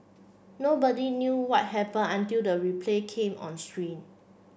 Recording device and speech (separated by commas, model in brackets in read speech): boundary microphone (BM630), read sentence